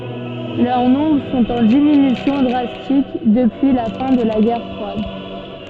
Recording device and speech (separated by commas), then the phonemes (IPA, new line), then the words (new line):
soft in-ear microphone, read sentence
lœʁ nɔ̃bʁ sɔ̃t ɑ̃ diminysjɔ̃ dʁastik dəpyi la fɛ̃ də la ɡɛʁ fʁwad
Leur nombre sont en diminution drastique depuis la fin de la guerre froide.